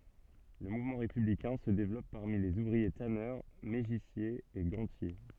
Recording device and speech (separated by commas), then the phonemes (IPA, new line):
soft in-ear microphone, read sentence
lə muvmɑ̃ ʁepyblikɛ̃ sə devlɔp paʁmi lez uvʁie tanœʁ meʒisjez e ɡɑ̃tje